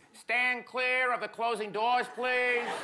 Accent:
New York accent